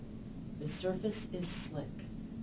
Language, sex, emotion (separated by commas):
English, female, neutral